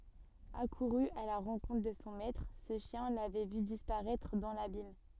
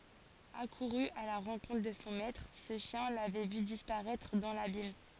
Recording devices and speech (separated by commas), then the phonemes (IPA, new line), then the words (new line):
soft in-ear microphone, forehead accelerometer, read sentence
akuʁy a la ʁɑ̃kɔ̃tʁ də sɔ̃ mɛtʁ sə ʃjɛ̃ lavɛ vy dispaʁɛtʁ dɑ̃ labim
Accouru à la rencontre de son maître, ce chien l’avait vu disparaître dans l’abîme.